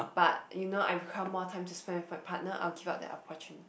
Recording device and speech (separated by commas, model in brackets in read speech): boundary microphone, conversation in the same room